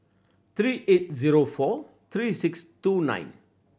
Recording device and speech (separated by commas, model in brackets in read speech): boundary microphone (BM630), read sentence